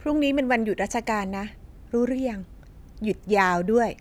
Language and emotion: Thai, neutral